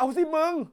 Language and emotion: Thai, angry